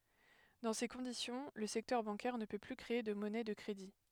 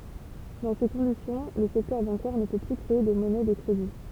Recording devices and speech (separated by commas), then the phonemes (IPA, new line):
headset microphone, temple vibration pickup, read sentence
dɑ̃ se kɔ̃disjɔ̃ lə sɛktœʁ bɑ̃kɛʁ nə pø ply kʁee də mɔnɛ də kʁedi